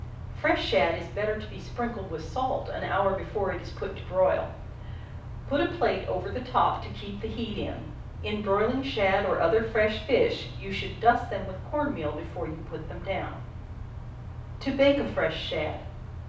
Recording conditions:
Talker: one person; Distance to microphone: 5.8 m; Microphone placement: far; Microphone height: 1.8 m; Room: medium-sized (5.7 m by 4.0 m); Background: none

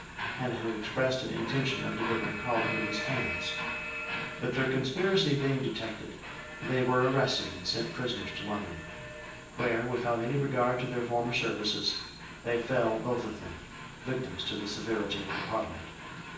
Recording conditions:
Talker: one person; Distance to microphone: 9.8 m; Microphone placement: far; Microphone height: 1.8 m; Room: large; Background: television

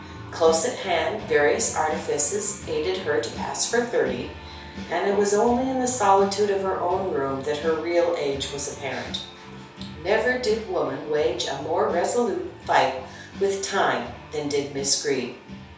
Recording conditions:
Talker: one person; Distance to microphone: 3.0 m; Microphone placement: far; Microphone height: 1.8 m; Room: small (3.7 m by 2.7 m); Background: music

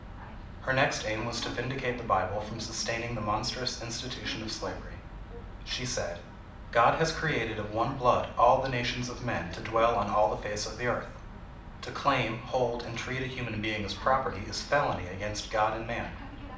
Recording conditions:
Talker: one person; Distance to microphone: 2.0 m; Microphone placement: close; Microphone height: 99 cm; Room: medium-sized (5.7 m by 4.0 m); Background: television

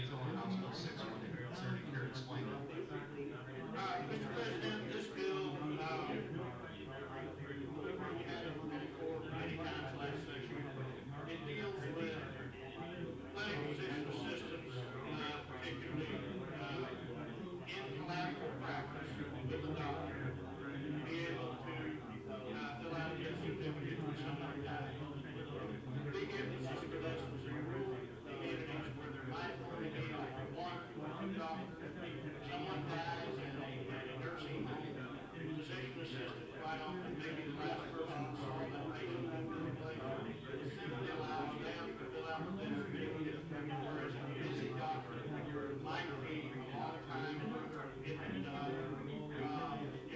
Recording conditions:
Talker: no one; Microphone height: 99 cm; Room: medium-sized (5.7 m by 4.0 m); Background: babble

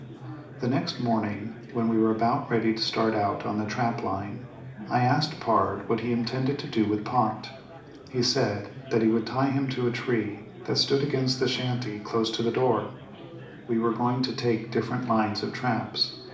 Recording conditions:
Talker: one person; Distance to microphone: 2.0 m; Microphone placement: close; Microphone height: 99 cm; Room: medium-sized (5.7 m by 4.0 m); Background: babble

